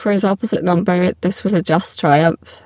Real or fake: fake